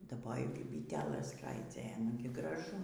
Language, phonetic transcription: Lithuanian, daˈbojau kaip byˈtelɘs skraiˈdzioja ˈnugi graˈžu

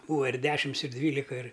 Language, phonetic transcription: Lithuanian, ˈbūva ir ˈdešims ir ˈdvylika ir

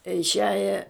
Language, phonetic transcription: Lithuanian, išˈiaja

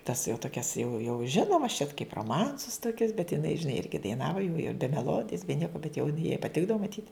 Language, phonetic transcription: Lithuanian, tas jau toˈkias jau jau ˈžinomas čiat kaip roˈmansus toˈkius bet jiˈnai žiˈnai ˈirgi daiˈnava jau ji be meˈlodijas be ˈnieka bet jau jin jai paˈtikdavo maˈtyt

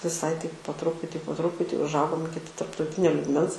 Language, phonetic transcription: Lithuanian, viˈsai taip po ˈtruputį po ˈtruputį užˈaugom ˈiki tarptauˈtinio lygˈmens

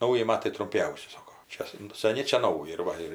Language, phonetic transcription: Lithuanian, ˈnauji ˈmatai trumˈpiausi ˈsako ˈčia san saˈni ˈčia ˈnauji ir ˈva ir

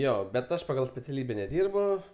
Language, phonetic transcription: Lithuanian, ˈjo bet ˈaš pagal speciaˈlybe neˈdyrbu

